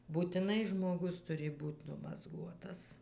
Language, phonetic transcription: Lithuanian, būtiˈnai žmoˈgus ˈturi ˈbūt' numazˈguotas

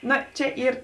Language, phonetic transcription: Lithuanian, ˈno ˈčia ˈyr

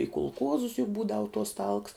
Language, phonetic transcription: Lithuanian, i kulˈkuozus juk ˈbūdavu tuos talks

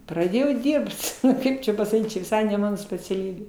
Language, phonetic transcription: Lithuanian, praˈdėjau ˈdyrbt ˈkaip čia pasaˈkyt čia viˈsai ne ˈmano speciaˈlybė

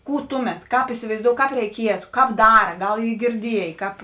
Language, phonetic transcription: Lithuanian, ˈkų ˈtuˌmet ˈkāp isivaizˈdou ˈkāp reiˈkietu ˈkāp ˈdara ˈgal ˈy girˈdiejė ˈkāp

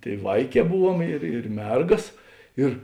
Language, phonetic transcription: Lithuanian, ˈtėi ˈvaiˌkē ˈbuˌvuom ir ir ˈmergas ˈir

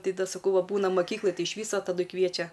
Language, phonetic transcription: Lithuanian, ˈtai ˈda saˈkau va ˈbūna maˈkyklaj ˈtai iš ˈvyso taˈdui ˈkviečia

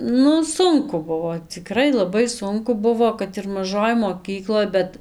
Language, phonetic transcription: Lithuanian, ˈnu ˈsunku ˈbuvo ciˈkrai laˈbai ˈsunku ˈbuvo kad ir maˈžoj moˈkykloj ˈbet

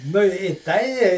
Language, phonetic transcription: Lithuanian, nu i ˈtai

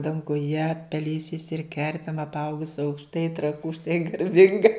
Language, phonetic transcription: Lithuanian, danguˈje peˈlėsiais ir ˈkerpėm apˈaugus aukšˈtai traˈkų štai garˈbinga

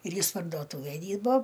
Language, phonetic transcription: Lithuanian, ir ˈjis pardoˈtuvæj ˈdyrbo

